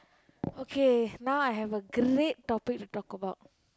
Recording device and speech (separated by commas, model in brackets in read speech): close-talking microphone, conversation in the same room